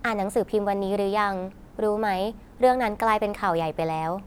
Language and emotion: Thai, neutral